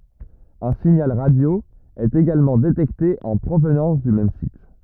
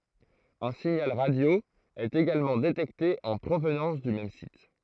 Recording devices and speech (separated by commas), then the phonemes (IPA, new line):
rigid in-ear microphone, throat microphone, read sentence
œ̃ siɲal ʁadjo ɛt eɡalmɑ̃ detɛkte ɑ̃ pʁovnɑ̃s dy mɛm sit